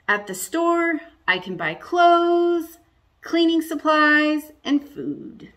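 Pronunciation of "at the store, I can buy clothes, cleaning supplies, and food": The voice rises on 'clothes' and on 'cleaning supplies', then falls on 'food' at the end of the list.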